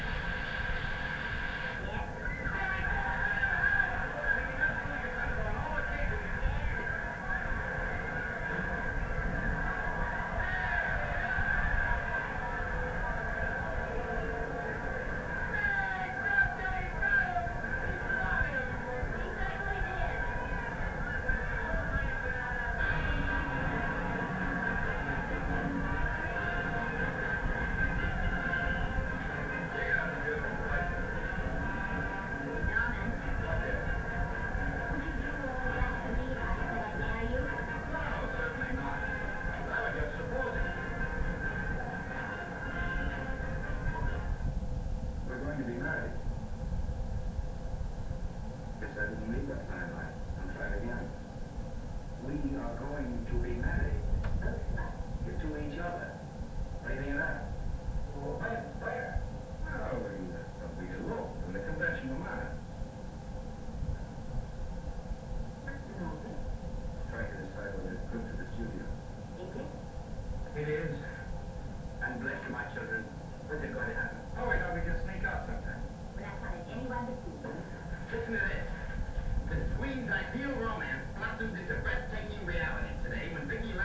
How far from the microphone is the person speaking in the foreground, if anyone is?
No main talker.